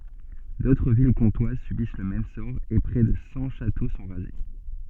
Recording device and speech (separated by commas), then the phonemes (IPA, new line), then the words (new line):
soft in-ear microphone, read sentence
dotʁ vil kɔ̃twaz sybis lə mɛm sɔʁ e pʁɛ də sɑ̃ ʃato sɔ̃ ʁaze
D'autres villes comtoises subissent le même sort et près de cent châteaux sont rasés.